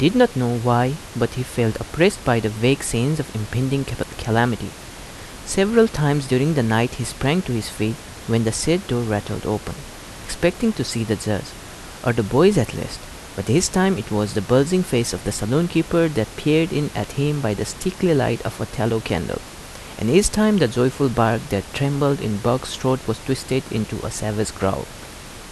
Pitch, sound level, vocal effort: 120 Hz, 79 dB SPL, normal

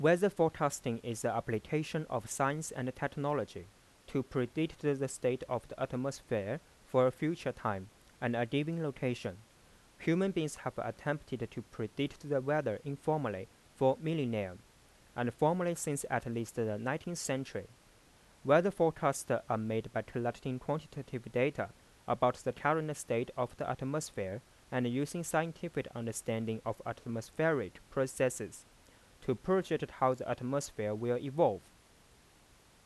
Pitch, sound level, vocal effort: 130 Hz, 87 dB SPL, normal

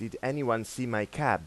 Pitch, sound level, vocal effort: 115 Hz, 90 dB SPL, normal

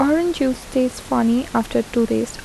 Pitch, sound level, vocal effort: 255 Hz, 76 dB SPL, soft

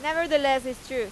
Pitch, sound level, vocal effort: 300 Hz, 95 dB SPL, very loud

